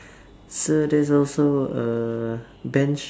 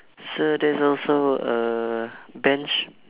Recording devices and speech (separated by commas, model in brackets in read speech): standing microphone, telephone, conversation in separate rooms